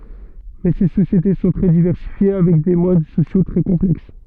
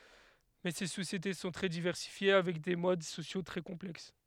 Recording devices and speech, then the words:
soft in-ear microphone, headset microphone, read sentence
Mais, ces sociétés sont très diversifiées avec des modes sociaux très complexes.

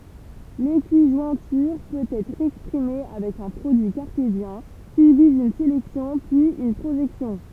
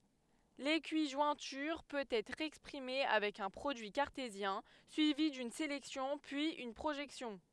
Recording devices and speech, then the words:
temple vibration pickup, headset microphone, read sentence
L'équijointure peut être exprimée avec un produit cartésien, suivi d'une sélection, puis une projection.

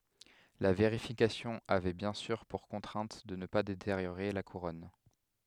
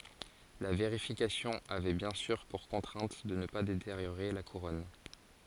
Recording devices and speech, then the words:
headset microphone, forehead accelerometer, read sentence
La vérification avait bien sûr pour contrainte de ne pas détériorer la couronne.

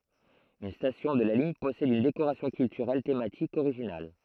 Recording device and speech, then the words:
throat microphone, read sentence
Une station de la ligne possède une décoration culturelle thématique originale.

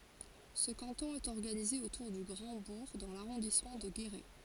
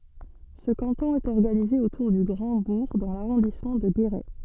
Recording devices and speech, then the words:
forehead accelerometer, soft in-ear microphone, read sentence
Ce canton est organisé autour du Grand-Bourg dans l'arrondissement de Guéret.

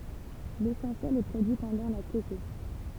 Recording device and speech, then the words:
temple vibration pickup, read sentence
L'essentiel est produit pendant la tétée.

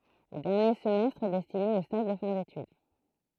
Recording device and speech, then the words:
throat microphone, read sentence
Le dernier semestre est destiné aux stages de fin d'étude.

